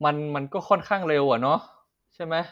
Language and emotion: Thai, neutral